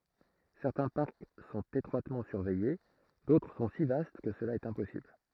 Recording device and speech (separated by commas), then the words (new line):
throat microphone, read sentence
Certains parcs sont étroitement surveillés, d'autres sont si vastes que cela est impossible.